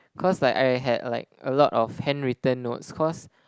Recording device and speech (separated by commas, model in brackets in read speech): close-talking microphone, conversation in the same room